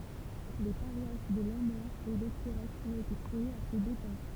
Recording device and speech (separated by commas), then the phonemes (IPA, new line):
temple vibration pickup, read sentence
le paʁwas də lɑ̃mœʁ e lɔkiʁɛk ɔ̃t ete kʁeez a se depɑ̃